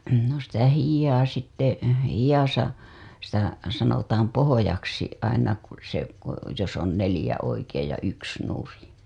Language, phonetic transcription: Finnish, no sitä 'hijjaa sitte , 'hijasa , sitä sanotaam "pohojaksi , aina ku se , ko , jos ‿on 'nelĭjä oikeej ja 'yks nurin̬ .
- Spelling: no sitä hihaa sitten hihassa sitä sanotaan pohjaksi aina kun se kun jos on neljä oikein ja yksi nurin

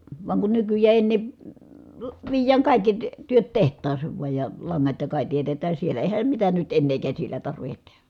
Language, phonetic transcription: Finnish, vaŋ kun nykyj̆jää èⁱ ennè , viij̀ääŋ kài̮kki ty- , työt teht̀aas̀eev vuaj ja , laŋŋat ja kài tietetää siel̀ä , eehäm mitä nyt ennee käsilä tarvihet tehÄ .
- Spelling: vaan kun nykyään ei enää viedään kaikki - työt tehtaaseen vain ja langat ja kaikki teetetään siellä eihän mitään nyt enää käsillä tarvitse tehdä

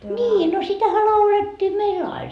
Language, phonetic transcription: Finnish, "ńii no 'sitähä 'laulet́t́ii meill ‿ain .
- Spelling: niin no sitähän laulettiin meillä aina

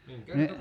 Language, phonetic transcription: Finnish, ni ,.
- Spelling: niin

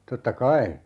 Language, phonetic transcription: Finnish, 'totta"kai .
- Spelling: totta kai

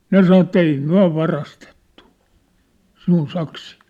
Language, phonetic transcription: Finnish, 'ne sano että » 'ei 'myä̭ 'varastettu , 'sinun 'saksii ! «
- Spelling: ne sanoi että ei me varastettu sinun saksia

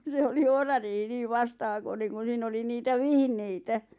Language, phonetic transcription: Finnish, 'se oli "ohrariihi 'nii "vastahakoneŋ kun̬ 'siin ‿oli 'niitä "vihneitä .
- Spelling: se oli ohrariihi niin vastahakoinen kun siinä oli niitä vihneitä

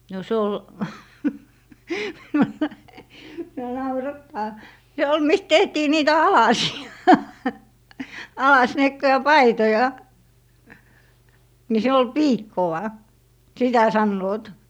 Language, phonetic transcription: Finnish, no 'se ol , (minua) naurattaa , se ol 'mist 'tehtii 'niitä "alasi₍a , 'alasniekkoja "paitoja , ni 'siin ‿ol "piikkoʷa , 'sitä sannoot .
- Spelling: no se oli minua naurattaa se oli mistä tehtiin niitä alasia alasniekkoja paitoja niin siinä oli piikkoa sitä sanovat

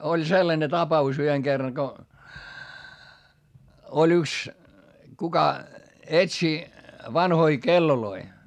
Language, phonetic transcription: Finnish, oĺ sellane tapa₍us yheŋ Gerraŋ ko , oĺ ‿yks , kuka , etsi , vanhoi kelloloi .
- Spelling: oli sellainen tapaus yhden kerran kun oli yksi kuka etsi vanhoja kelloja

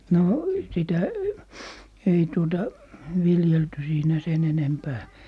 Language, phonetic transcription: Finnish, no , 'sitä , 'ei tuota , 'viljelty siinä "se'n ‿enempää .
- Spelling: no sitä ei tuota viljelty siinä sen enempää

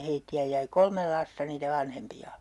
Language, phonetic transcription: Finnish, 'heitti₍ä jäi "kolmel 'lasta niitä 'vanhempi₍a .
- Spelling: heitä jäi kolme lasta niitä vanhempia

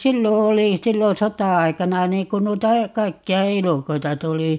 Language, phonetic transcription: Finnish, "sillo 'oli 'sillon̬ "sota₍ai̮kana 'niiŋ kun 'nuita , 'kaikki₍a "elukoita 'tuli .
- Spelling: silloin oli silloin sota-aikana niin kun noita kaikkia elukoita tuli

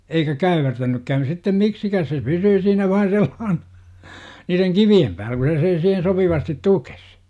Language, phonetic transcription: Finnish, eikä 'käyvertänykkään sittem "miksikääs se 'pysyy siinä vain̬ sellaahNA , niireŋ "kivi(em päälä ku se sen siihen 'sopivastit "tukes .
- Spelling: eikä käyvertänytkään sitten miksikään se pysyy siinä vain sellaisena niiden kivien päällä kun se sen siihen sopivasti tuki

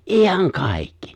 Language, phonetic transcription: Finnish, ’iihaŋ "kàikki !
- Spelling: ihan kaikki

